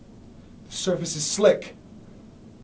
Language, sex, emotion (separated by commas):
English, male, fearful